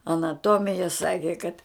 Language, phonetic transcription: Lithuanian, anaˈtomija ˈsaki kad

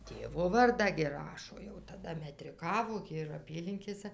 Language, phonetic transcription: Lithuanian, ˈtėvo ˈvardą gi ˈrašo jau taˈda metriˈkavo gi ir ˈapylinkėsa

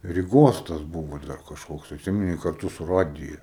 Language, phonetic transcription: Lithuanian, ryˈgos tas ˈbuvo ˈdar kažˈkoks atˈsimeni karˈtu su ˈradija

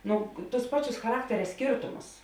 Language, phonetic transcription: Lithuanian, ˈnu tus ˈpaˌčius chaˈrakteria ˈskėrtumus

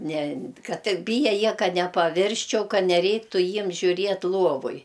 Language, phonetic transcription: Lithuanian, ne ˈkad ˈtik ˈbyja ˈjie ˈkad nepaˈvirsčiau ˈka neˈreiktu ˈjiem žiuˈriet ˈluovoj

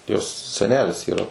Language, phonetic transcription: Lithuanian, jos seˈnelis yˈra

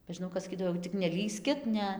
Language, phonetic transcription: Lithuanian, be žiˈnau kas saˈkydavo jau tik neˈlįskit ˈne

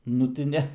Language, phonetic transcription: Lithuanian, ˈnu ti ˈne

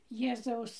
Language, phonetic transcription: Lithuanian, ˈjėzaus

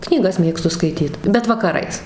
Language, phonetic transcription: Lithuanian, knyˈgas ˈmėgstu skaiˈtyt bet vakaˈrais

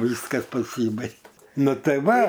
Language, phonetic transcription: Lithuanian, ˈvyskas paˈsybaig ˈnu ˈtai ˈva

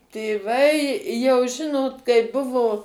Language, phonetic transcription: Lithuanian, tėˈvai jau ˈžinot kai ˈbuvo

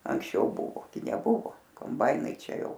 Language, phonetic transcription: Lithuanian, anksˈčiau ˈbuvo gi neˈbuvo komˈbainai ˈčia ˈjau

